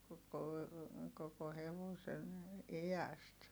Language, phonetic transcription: Finnish, koko , koko hevosen , i₍äst .
- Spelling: koko koko hevosen iästä

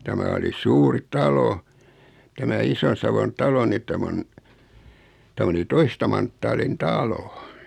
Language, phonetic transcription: Finnish, 'tämä oli "suuri "talo , tämä 'Ison̬savon 'talo ni 'täm ‿on , 'täm ‿oli 'toista manttaalin "talo .
- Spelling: tämä oli suuri talo tämä Ison-Savon talo niin tämä on tämä oli toista manttaalin talo

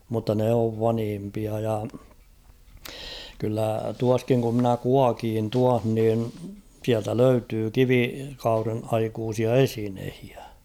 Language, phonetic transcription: Finnish, mutta 'ne ov 'vanhimpia ja , kyllä 'tuaskiŋ ku ‿mnä "kuakiin 'tuah nin̬ 'siältä "löytyy 'kivikauren aikuusia "esinehɪᴀ̈ .
- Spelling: mutta ne on vanhimpia ja kyllä tuossakin kun minä kuokin tuossa niin sieltä löytyi kivikauden aikaisia esineitä

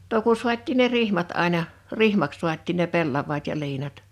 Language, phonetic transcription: Finnish, no ku 'suat́̆tiin ne "rihmat 'àina , "rihmaks 'suat́̆tiin ne 'pellav̀aat ja 'liinat .
- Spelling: no kun saatiin ne rihmat aina rihmaksi saatiin ne pellavat ja liinat

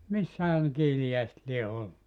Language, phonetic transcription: Finnish, 'missähä nᵉ 'kiilijäiset lie 'ollu .
- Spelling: missähän ne kiiliäiset lie ollut

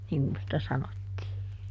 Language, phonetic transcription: Finnish, niŋ kun sⁱtä ˈsanottii .
- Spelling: niin kuin sitä sanottiin

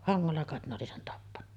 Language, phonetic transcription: Finnish, 'haŋŋolla kàet ne oli sen 'tappanna .
- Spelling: hangolla kai ne oli sen tappanut

